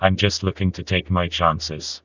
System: TTS, vocoder